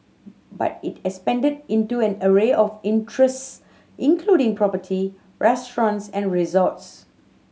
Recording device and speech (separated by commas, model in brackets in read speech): mobile phone (Samsung C7100), read sentence